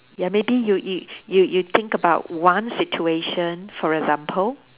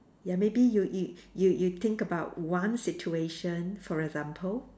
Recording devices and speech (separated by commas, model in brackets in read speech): telephone, standing microphone, conversation in separate rooms